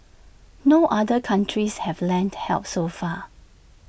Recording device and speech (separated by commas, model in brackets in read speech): boundary microphone (BM630), read sentence